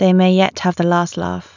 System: none